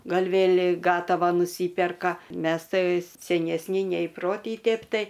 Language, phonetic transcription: Lithuanian, ˈgal' ˈvėl' ˈgatava nuˈsyperka ˈmes ˈtai senesˈni neįˈprotį ˈtėp ˈtai

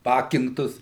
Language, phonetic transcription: Lithuanian, ˈpakinktus

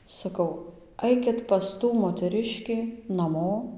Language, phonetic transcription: Lithuanian, saˈkau ˈaikit pas ˈtų moteˈriškį naˈmo

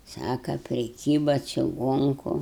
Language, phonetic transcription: Lithuanian, ˈsaka priˈkyba čiˈgonku

